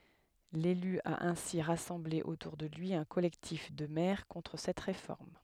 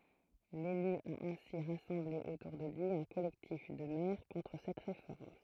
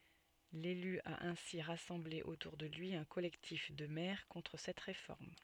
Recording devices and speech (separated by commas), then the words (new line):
headset microphone, throat microphone, soft in-ear microphone, read sentence
L'élu a ainsi rassemblé autour de lui un collectif de maires contre cette réforme.